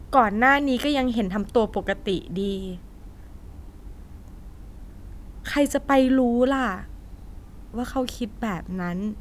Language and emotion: Thai, frustrated